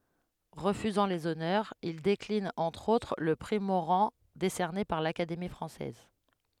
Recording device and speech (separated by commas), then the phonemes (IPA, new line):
headset microphone, read sentence
ʁəfyzɑ̃ lez ɔnœʁz il deklin ɑ̃tʁ otʁ lə pʁi moʁɑ̃ desɛʁne paʁ lakademi fʁɑ̃sɛz